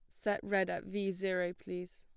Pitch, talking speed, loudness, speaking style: 190 Hz, 205 wpm, -36 LUFS, plain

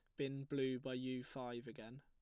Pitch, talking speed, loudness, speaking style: 130 Hz, 200 wpm, -45 LUFS, plain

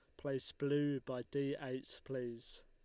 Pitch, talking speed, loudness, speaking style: 135 Hz, 150 wpm, -41 LUFS, Lombard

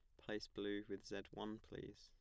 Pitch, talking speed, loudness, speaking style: 100 Hz, 200 wpm, -50 LUFS, plain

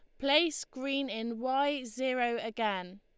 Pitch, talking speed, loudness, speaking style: 260 Hz, 130 wpm, -32 LUFS, Lombard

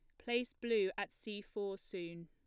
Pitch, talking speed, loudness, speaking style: 205 Hz, 175 wpm, -40 LUFS, plain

